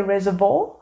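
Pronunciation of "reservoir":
'Reservoir' is pronounced incorrectly here.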